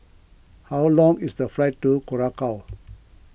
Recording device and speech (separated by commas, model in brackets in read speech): boundary microphone (BM630), read sentence